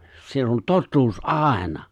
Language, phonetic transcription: Finnish, 'siell ‿on "tottuus "’àena .
- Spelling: siellä on totuus aina

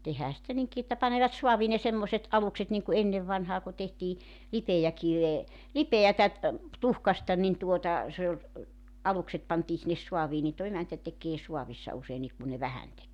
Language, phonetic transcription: Finnish, 'tehää sⁱtä 'niŋki että panevat 'suavii ne 'semmoset 'alukset niŋku 'ennev vanhaa ku tehtii , "lipejäkivee , 'lipeätä , 'tuhkasta nin tuota , se oĺ , 'alukset pantii sinnes 'suavii niin toⁱ 'emäntä tekee 'suavissa 'useinniik ku ne "vähän 'tekee .
- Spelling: tehdään sitä niinkin että panevat saaviin ne semmoiset alukset niin kuin ennen vanhaan kun tehtiin lipeäkiveä lipeää tuhkasta niin tuota se oli alukset pantiin sinne saaviin niin tuo emäntä tekee saavissa useinkin kun ne vähän tekee

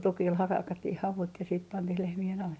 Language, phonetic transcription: Finnish, 'tukil 'hakattih 'havut ja siit 'pantih lehmi₍en ale .
- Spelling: tukilla hakattiin havut ja sitten pantiin lehmien alle

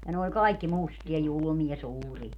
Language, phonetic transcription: Finnish, ja ne oĺ "kaikki 'mustia 'julᵘmia "suuria .
- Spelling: ja ne oli kaikki mustia julmia suuria

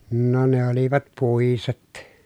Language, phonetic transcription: Finnish, no ne olivat pùiset .
- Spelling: no ne olivat puiset

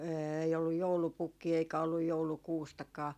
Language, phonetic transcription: Finnish, 'eei olluj "joulupukkii eikä olluj "joulukuustakaa .
- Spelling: ei ollut joulupukkia eikä ollut joulukuustakaan

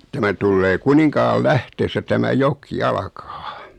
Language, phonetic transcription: Finnish, 'tämä tullee 'Kuniŋkaal'lähteessä tämä 'jok "alkaa .
- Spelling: tämä tulee Kuninkaanlähteessä tämä joka alkaa

